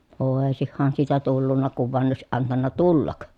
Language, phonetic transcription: Finnish, òesihhan siitä tullunna kuv voan òesiʼ ʼantanna tullak .
- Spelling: olisihan siitä tullut kun vain olisi antanut tulla

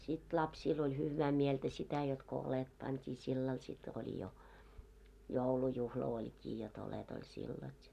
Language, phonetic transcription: Finnish, sit lapsiil oĺ 'hyv̆vää 'mieltä sitä jot ko 'olet pant́ii 'sillal sit oĺi , jo , 'joulujuhla 'oĺkii jot ‿olet ‿oĺ 'sillal ja .
- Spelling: sitten lapsilla oli hyvää mieltä sitä jotta kun oljet pantiin sillä lailla sitten oli jo joulujuhla olikin jotta oljet oli sillä lailla ja

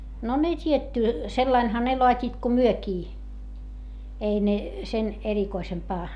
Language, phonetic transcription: Finnish, no ne t́ietty , sellainha ne loat́iit ko myökii , ei ne , sen erikoisempaa .
- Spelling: no ne tietty sillä laillahan ne laativat kuin mekin ei ne sen erikoisempaa

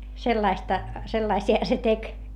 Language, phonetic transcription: Finnish, sellaista , sellaisi₍a se tek .
- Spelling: sellaista sellaisia se teki

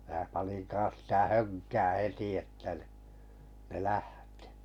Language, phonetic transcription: Finnish, mää panin 'kaa̰s sⁱtä "höŋkää 'heti että ni , ne "lähtɪ .
- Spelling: minä panin kanssa sitä hönkää heti että niin ne lähti

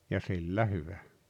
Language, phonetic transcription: Finnish, ja 'sillä 'hyvä .
- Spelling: ja sillä hyvä

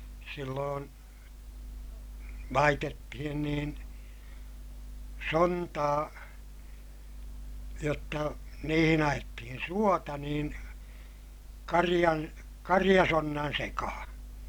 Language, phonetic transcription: Finnish, silloon , laitettihin niin , sontaa , jotta niihin ‿ajettihin suota niin , kariʲan , kariʲasonnan sekahaa̰ .
- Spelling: silloin laitettiin niin sontaa jotta niihin ajettiin suota niin karjan karjasonnan sekaan

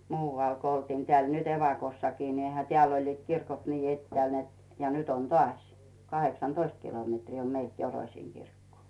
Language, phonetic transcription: Finnish, 'muuvàl ko oltiin tᵉääl nyt ‿'evakossakii ni eihä "teä̀l oĺliit 'kirkot 'nii 'ettᵉä̀l net , ja nyt ‿on "tᵒàś , 'kaheksan"toist 'kilometrii om meilt 'Joroⁱsiiŋ Girkkoo .
- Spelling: muualla kun oltiin täällä nyt evakossakin niin eihän täällä olivat kirkot niin etäällä että ja nyt on taas kahdeksantoista kilometriä on meiltä Joroisiin kirkkoon

